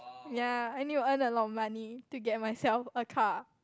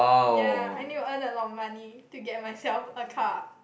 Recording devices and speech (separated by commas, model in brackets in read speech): close-talking microphone, boundary microphone, conversation in the same room